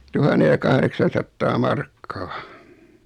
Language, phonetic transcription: Finnish, 'tuhanne ja 'kahreksan̬sattaa 'markkaa .
- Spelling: tuhannen ja kahdeksansataa markkaa

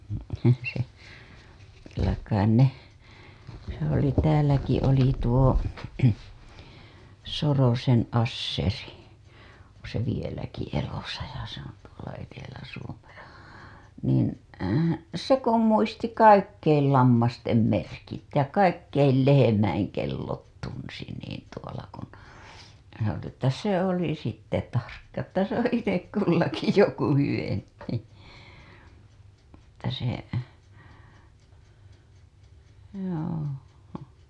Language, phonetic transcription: Finnish, se , kyllä kain 'ne , se oli 'tääläki oli tuo , 'Sorosen Asseri , oo̰ se 'vieläki elosa ja se ‿on tuola Eteläsuomessa , niin , "se 'kum 'muisti "kaikkeil 'lammastem 'merkit ja "kaikkeil 'lehemäiŋ 'kellot 'tunsi niin tuola kun , se ‿oli ‿ttä , 'se 'oli sitte tarkka että se ‿oo̰ 'itek "kullaki joku 'hyvempi , että se , joo .
- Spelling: se kyllä kai ne se oli täälläkin oli tuo Sorosen Asseri on se vieläkin elossa ja se on tuolla Etelä-Suomessa niin se kun muisti kaikkien lammasten merkit ja kaikkien lehmien kellot tunsi niin tuolla kun se oli että se oli sitten tarkka että se on itse kullakin joku hyvempi että se joo

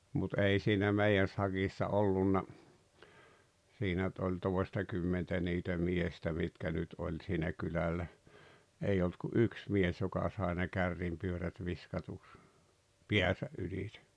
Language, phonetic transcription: Finnish, mut 'ei siinä 'mei₍än saGissa 'ollunna , 'siinä nʸt oĺ 'tòestakymmentä niitä 'miestä mitkä nyt 'oĺ siinä 'kylällä , 'ei olt ku "’yks 'mies joka sàe ne "kärrimpyörät 'viskatuks , "piäsä "ylitᴇ .
- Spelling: mutta ei siinä meidän sakissa ollut siinä nyt oli toistakymmentä niitä miestä mitkä nyt oli siinä kylällä ei ollut kuin yksi mies joka sai ne kärrynpyörät viskatuksi päänsä ylitse

